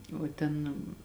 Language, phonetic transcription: Lithuanian, o ˈten

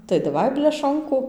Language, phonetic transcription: Lithuanian, tai daˈvai bleˈšonku

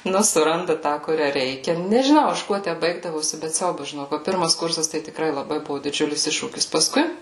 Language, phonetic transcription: Lithuanian, ˈnu suˈranda ˈtą kuˈrią ˈreikia nežiˈnau ˈaš ˈkuo ˈtæ ˈbaigdavosi bet ˈsiaubas žiˈnok va ˈpirmas kursas tai tikˈrai laˈbai ˈbuo diˈdžiulis ˈiššūkis paˈskui

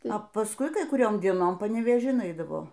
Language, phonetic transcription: Lithuanian, a pasˈkui ˈkai kuˈriom dieˈnom panevėˈžin ˈaidavo

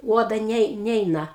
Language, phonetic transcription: Lithuanian, ˈuoda ˈnei ˈneina

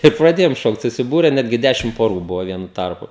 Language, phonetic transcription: Lithuanian, ir praˈdėjom ˈšokt susiˈbūre ˈnetgi ˈdešim poˈrų ˈbuvo ˈvienu ˈtarpu

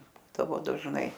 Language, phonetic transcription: Lithuanian, ˈbūdavo dažˈnai

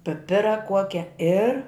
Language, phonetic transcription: Lithuanian, piˈpira ˈkuokia ir

